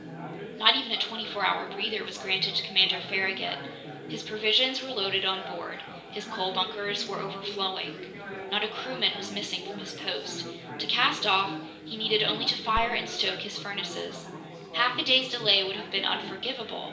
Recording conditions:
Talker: one person; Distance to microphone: 1.8 m; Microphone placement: close; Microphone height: 1.0 m; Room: large; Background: babble

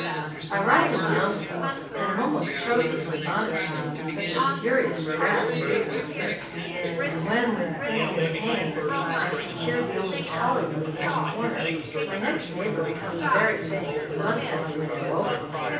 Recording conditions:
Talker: one person; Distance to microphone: 9.8 m; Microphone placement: far; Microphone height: 1.8 m; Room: large; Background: babble

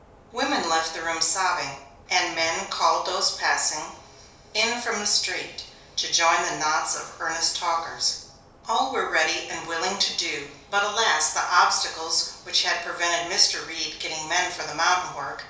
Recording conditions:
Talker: one person; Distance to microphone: 3.0 m; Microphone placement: far; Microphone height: 1.8 m; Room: small (3.7 m by 2.7 m); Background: none

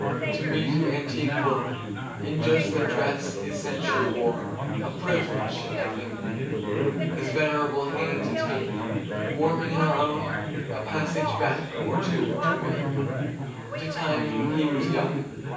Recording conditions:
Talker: one person; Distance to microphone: 9.8 m; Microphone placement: far; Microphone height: 1.8 m; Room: large; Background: babble

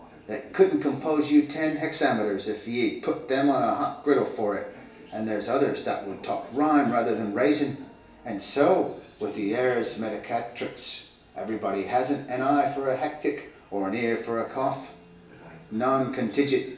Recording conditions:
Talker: one person; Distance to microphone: 1.8 m; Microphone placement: close; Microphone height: 1.0 m; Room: large; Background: television

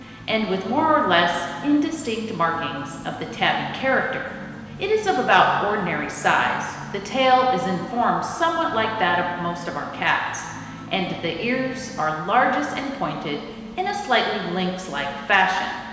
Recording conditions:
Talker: one person; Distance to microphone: 1.7 m; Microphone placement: close; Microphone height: 1.0 m; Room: very reverberant, large; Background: music

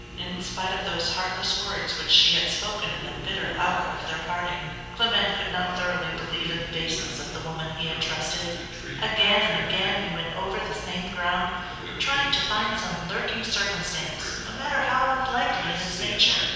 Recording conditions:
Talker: one person; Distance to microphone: 7.1 m; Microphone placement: far; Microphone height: 1.7 m; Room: very reverberant, large; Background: television

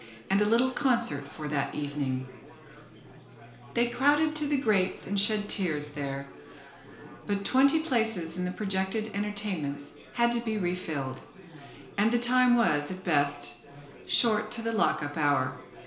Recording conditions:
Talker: one person; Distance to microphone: 1.0 m; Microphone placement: close; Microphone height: 1.1 m; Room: small (3.7 m by 2.7 m); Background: babble

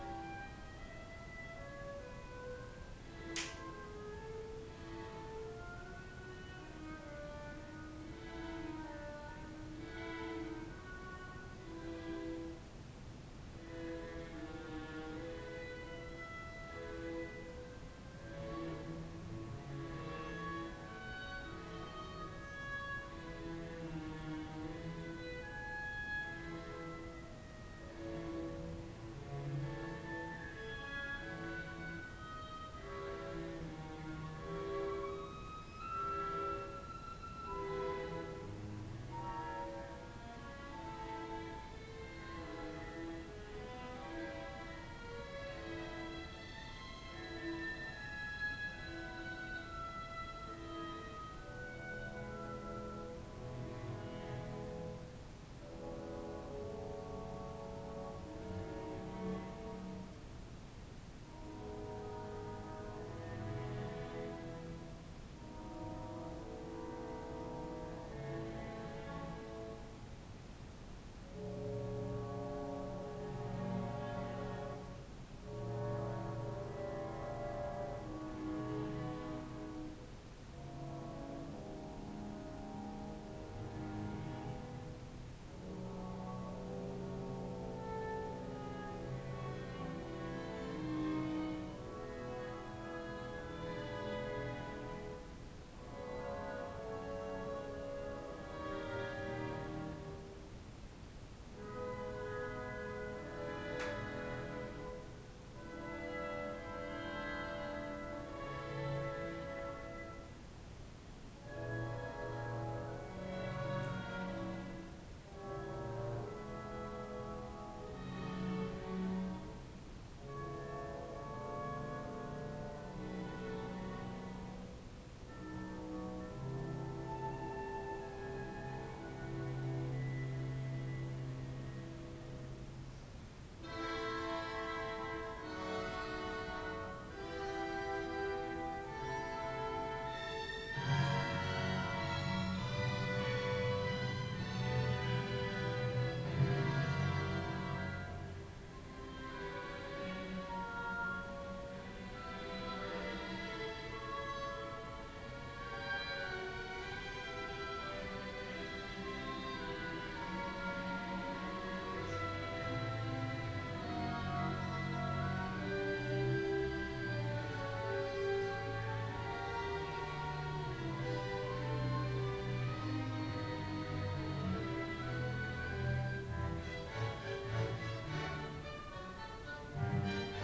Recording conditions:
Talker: no one; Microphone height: 1.1 m; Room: small (3.7 m by 2.7 m); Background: music

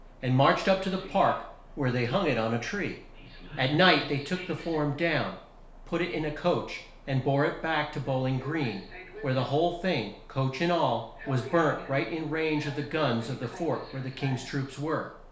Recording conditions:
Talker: one person; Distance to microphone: 1.0 m; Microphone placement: close; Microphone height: 1.1 m; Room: small (3.7 m by 2.7 m); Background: television

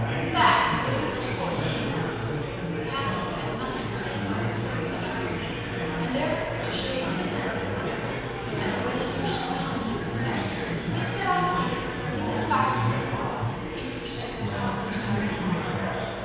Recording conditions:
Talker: one person; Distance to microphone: 7.1 m; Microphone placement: far; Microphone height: 1.7 m; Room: very reverberant, large; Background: babble

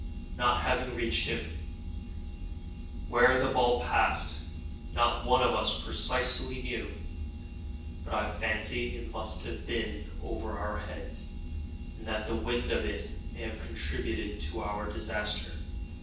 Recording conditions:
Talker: one person; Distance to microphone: 9.8 m; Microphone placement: far; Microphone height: 1.8 m; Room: large; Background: none

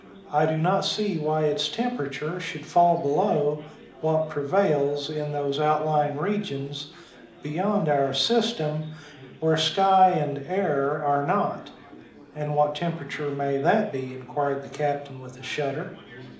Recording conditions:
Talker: one person; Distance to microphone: 2.0 m; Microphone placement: close; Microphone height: 99 cm; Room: medium-sized (5.7 m by 4.0 m); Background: babble

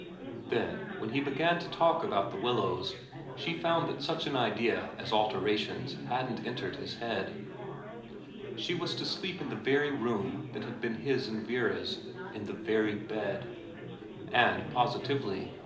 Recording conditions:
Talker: one person; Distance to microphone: 2.0 m; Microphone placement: close; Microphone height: 99 cm; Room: medium-sized (5.7 m by 4.0 m); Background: babble

